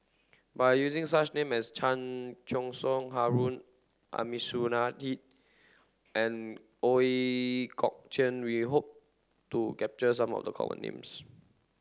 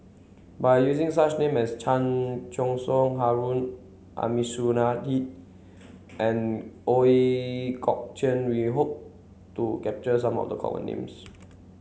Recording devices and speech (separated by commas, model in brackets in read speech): standing microphone (AKG C214), mobile phone (Samsung C7), read sentence